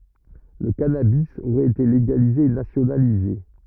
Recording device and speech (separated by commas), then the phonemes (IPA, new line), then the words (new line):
rigid in-ear microphone, read sentence
lə kanabi oʁɛt ete leɡalize e nasjonalize
Le cannabis aurait été légalisé et nationalisé.